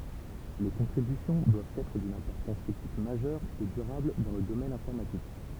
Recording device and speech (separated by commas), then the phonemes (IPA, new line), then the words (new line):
temple vibration pickup, read sentence
le kɔ̃tʁibysjɔ̃ dwavt ɛtʁ dyn ɛ̃pɔʁtɑ̃s tɛknik maʒœʁ e dyʁabl dɑ̃ lə domɛn ɛ̃fɔʁmatik
Les contributions doivent être d’une importance technique majeure et durable dans le domaine informatique.